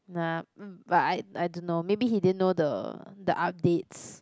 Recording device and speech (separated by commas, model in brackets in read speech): close-talking microphone, conversation in the same room